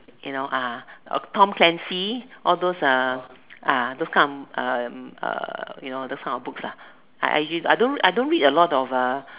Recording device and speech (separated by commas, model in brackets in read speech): telephone, conversation in separate rooms